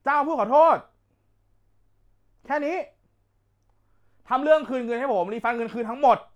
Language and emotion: Thai, angry